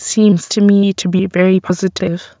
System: TTS, waveform concatenation